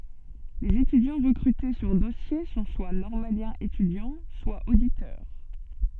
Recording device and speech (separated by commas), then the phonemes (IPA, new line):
soft in-ear microphone, read sentence
lez etydjɑ̃ ʁəkʁyte syʁ dɔsje sɔ̃ swa nɔʁmaljɛ̃z etydjɑ̃ swa oditœʁ